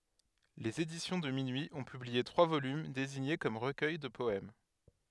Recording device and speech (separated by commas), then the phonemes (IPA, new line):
headset microphone, read sentence
lez edisjɔ̃ də minyi ɔ̃ pyblie tʁwa volym deziɲe kɔm ʁəkœj də pɔɛm